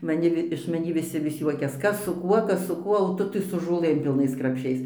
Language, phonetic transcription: Lithuanian, maˈni vi iš maˈnį viˈsi vis ˈjuokias ˈkas su ˈkuo ˈkas su ˈkuo o ˈtu tai su žoˈlɘm pilˈnais krapˈšiais

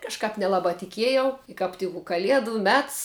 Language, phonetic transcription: Lithuanian, kažˈkap neˈlabā tiˈkiejau i kap ˈtik u kaˈliedu ˈmets

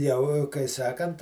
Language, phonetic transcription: Lithuanian, jau kai ˈsakant

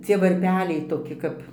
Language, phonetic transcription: Lithuanian, ˈcie varˈpeliai toˈki kap

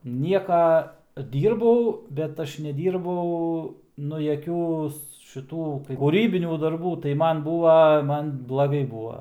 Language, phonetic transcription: Lithuanian, ˈnieka ˈdyrbau bet ˈaš neˈdyrbau ˈnu jaˈkių šiˈtų kūˈrybinių darˈbų tai ˈman ˈbūva ˈman blaˈgai ˈbūva

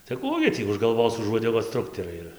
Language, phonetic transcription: Lithuanian, tai ˈkų gi tį už galˈvos už uodeˈgos ˈtrukterai ir

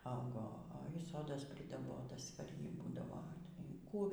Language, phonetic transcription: Lithuanian, ˈaugo oi ˈsodas pridaˈbotas par ˈjį ˈbūdavo y ˈkų

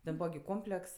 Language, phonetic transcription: Lithuanian, ten ˈbūva gi ˈkompleks

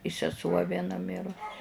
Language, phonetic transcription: Lithuanian, i seˈsuo vieˈna ˈmirus

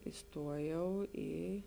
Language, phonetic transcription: Lithuanian, iˈstuojau ˈį

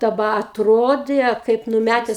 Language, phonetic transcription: Lithuanian, daˈba atˈrodė kaip nuˈmætes

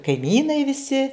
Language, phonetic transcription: Lithuanian, kaiˈmynai viˈsi

